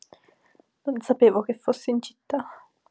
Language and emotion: Italian, sad